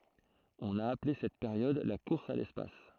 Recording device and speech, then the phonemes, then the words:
throat microphone, read sentence
ɔ̃n a aple sɛt peʁjɔd la kuʁs a lɛspas
On a appelé cette période la course à l'espace.

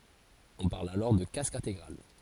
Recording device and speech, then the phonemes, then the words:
forehead accelerometer, read sentence
ɔ̃ paʁl alɔʁ də kask ɛ̃teɡʁal
On parle alors de casque intégral.

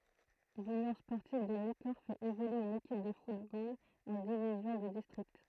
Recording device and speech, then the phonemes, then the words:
throat microphone, read sentence
lynjɔ̃ spɔʁtiv də nikɔʁ fɛt evolye yn ekip də futbol ɑ̃ divizjɔ̃ də distʁikt
L'Union sportive de Nicorps fait évoluer une équipe de football en division de district.

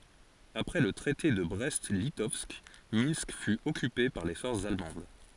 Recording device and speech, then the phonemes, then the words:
forehead accelerometer, read sentence
apʁɛ lə tʁɛte də bʁɛst litɔvsk mɛ̃sk fy ɔkype paʁ le fɔʁsz almɑ̃d
Après le Traité de Brest-Litovsk, Minsk fut occupée par les forces allemandes.

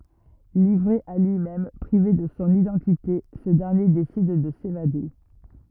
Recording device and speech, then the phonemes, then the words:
rigid in-ear microphone, read sentence
livʁe a lyimɛm pʁive də sɔ̃ idɑ̃tite sə dɛʁnje desid də sevade
Livré à lui-même, privé de son identité, ce dernier décide de s'évader...

